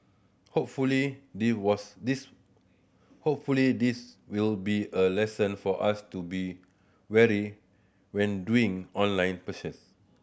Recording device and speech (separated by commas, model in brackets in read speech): boundary microphone (BM630), read sentence